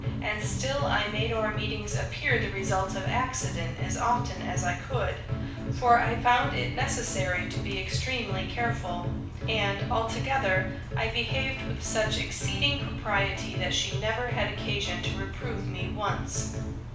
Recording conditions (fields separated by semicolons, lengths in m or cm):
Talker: one person; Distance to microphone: 5.8 m; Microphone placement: far; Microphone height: 1.8 m; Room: medium-sized (5.7 m by 4.0 m); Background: music